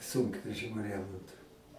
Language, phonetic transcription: Lithuanian, ˈsunkvežimiu ˈremontu

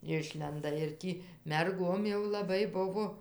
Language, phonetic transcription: Lithuanian, ˈišlenda ir ˈtį merˈgom jau laˈbai ˈbuvo

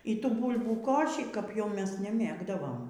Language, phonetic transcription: Lithuanian, y ˈtų ˈbūlbų ˈkošį kap jau ˈmes neˈmėgdavom

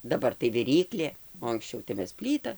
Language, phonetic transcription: Lithuanian, daˈbar tai viˈryklė o anksˈčiau tai ˈmes ˈplyta

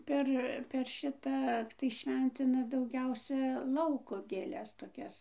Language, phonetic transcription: Lithuanian, ˈper per ˈšita tai ˈšvencina dauˈgiausia ˈlauko gėˈles toˈkias

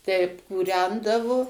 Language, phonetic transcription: Lithuanian, teip kūˈrendavo

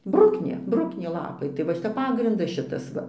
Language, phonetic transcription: Lithuanian, ˈbruknė ˈbruknė ˈlapai tai va ˈšita ˈpagrindas ˈšitas ˈva

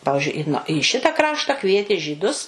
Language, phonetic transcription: Lithuanian, ˈpavižiui i į ˈšita ˈkrašta ˈkvietė žyˈdus

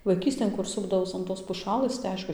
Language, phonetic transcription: Lithuanian, vaiˈkystėn ˈkur ˈsupdavaus an ˈtos puˈšalɘs tai ˈaišku

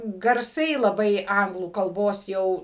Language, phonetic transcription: Lithuanian, garˈsai laˈbai ˈanglų kalˈbos ˈjau

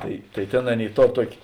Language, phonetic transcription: Lithuanian, ˈtai tai ˈtėn ˈaˌnėi ˈtor ˈtuokė

